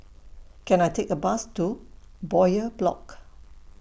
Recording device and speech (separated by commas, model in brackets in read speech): boundary microphone (BM630), read sentence